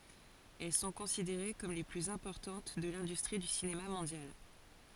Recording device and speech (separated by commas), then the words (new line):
forehead accelerometer, read sentence
Elles sont considérées comme les plus importantes de l'industrie du cinéma mondial.